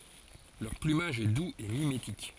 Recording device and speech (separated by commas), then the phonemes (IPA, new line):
forehead accelerometer, read sentence
lœʁ plymaʒ ɛ duz e mimetik